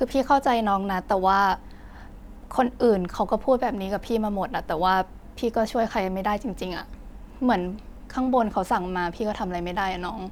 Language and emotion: Thai, frustrated